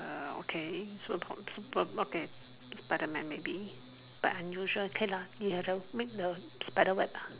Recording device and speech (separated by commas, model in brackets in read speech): telephone, conversation in separate rooms